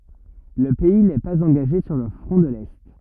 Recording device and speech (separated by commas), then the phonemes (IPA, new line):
rigid in-ear microphone, read sentence
lə pɛi nɛ paz ɑ̃ɡaʒe syʁ lə fʁɔ̃ də lɛ